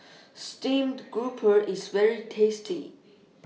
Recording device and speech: mobile phone (iPhone 6), read sentence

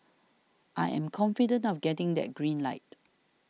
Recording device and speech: mobile phone (iPhone 6), read sentence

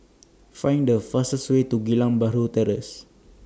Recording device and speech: standing microphone (AKG C214), read sentence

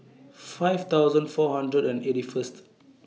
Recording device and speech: mobile phone (iPhone 6), read sentence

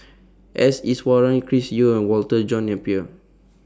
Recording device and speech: standing microphone (AKG C214), read sentence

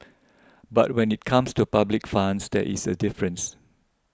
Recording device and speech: close-talking microphone (WH20), read sentence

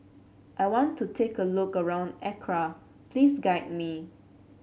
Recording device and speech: mobile phone (Samsung C7), read sentence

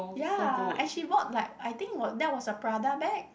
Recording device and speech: boundary microphone, conversation in the same room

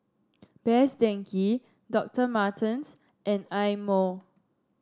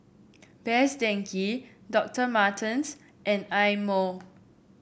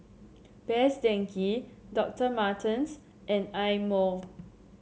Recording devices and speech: standing microphone (AKG C214), boundary microphone (BM630), mobile phone (Samsung C7), read sentence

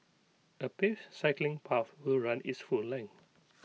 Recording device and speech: mobile phone (iPhone 6), read sentence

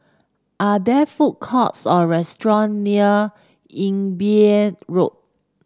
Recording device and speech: standing microphone (AKG C214), read sentence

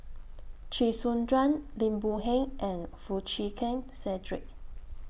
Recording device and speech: boundary microphone (BM630), read sentence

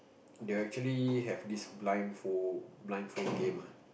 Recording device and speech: boundary microphone, conversation in the same room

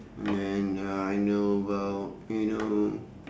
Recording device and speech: standing microphone, conversation in separate rooms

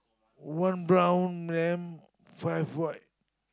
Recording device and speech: close-talking microphone, conversation in the same room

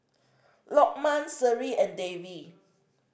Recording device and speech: boundary microphone (BM630), read sentence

